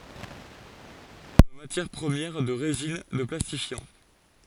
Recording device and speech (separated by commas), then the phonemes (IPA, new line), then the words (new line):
forehead accelerometer, read sentence
il ɛt ytilize kɔm matjɛʁ pʁəmjɛʁ də ʁezin də plastifjɑ̃
Il est utilisé comme matière première de résines, de plastifiants.